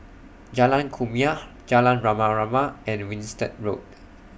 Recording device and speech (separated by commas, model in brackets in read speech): boundary microphone (BM630), read sentence